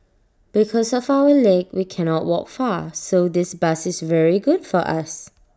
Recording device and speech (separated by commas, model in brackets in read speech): standing microphone (AKG C214), read sentence